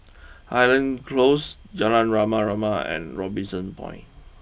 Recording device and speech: boundary microphone (BM630), read sentence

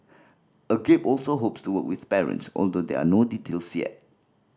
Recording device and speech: standing microphone (AKG C214), read sentence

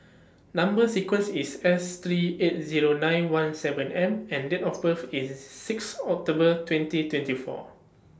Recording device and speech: standing microphone (AKG C214), read sentence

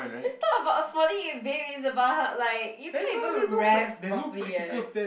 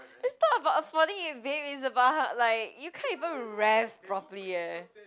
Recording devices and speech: boundary microphone, close-talking microphone, conversation in the same room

